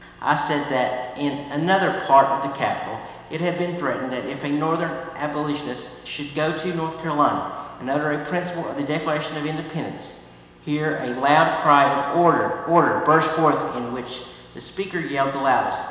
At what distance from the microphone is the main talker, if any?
1.7 m.